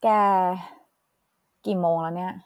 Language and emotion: Thai, frustrated